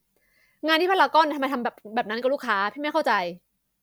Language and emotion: Thai, angry